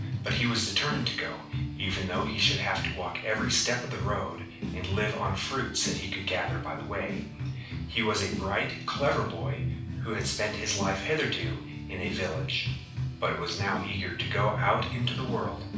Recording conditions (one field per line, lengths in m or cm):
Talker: one person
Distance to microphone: 5.8 m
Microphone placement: far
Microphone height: 1.8 m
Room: medium-sized (5.7 m by 4.0 m)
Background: music